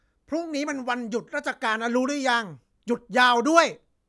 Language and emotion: Thai, angry